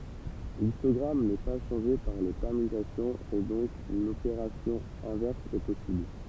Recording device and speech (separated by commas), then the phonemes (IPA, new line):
temple vibration pickup, read sentence
listɔɡʁam nɛ pa ʃɑ̃ʒe paʁ le pɛʁmytasjɔ̃z e dɔ̃k lopeʁasjɔ̃ ɛ̃vɛʁs ɛ pɔsibl